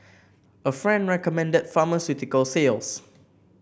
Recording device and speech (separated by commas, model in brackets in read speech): boundary microphone (BM630), read sentence